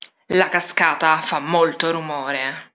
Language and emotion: Italian, angry